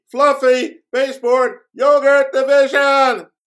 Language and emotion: English, sad